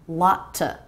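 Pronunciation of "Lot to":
In 'lot to', the first t is a stop T, with the air stopped for a moment, and the vowel of 'to' is a schwa.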